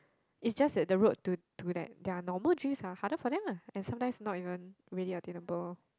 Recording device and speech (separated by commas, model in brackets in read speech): close-talking microphone, conversation in the same room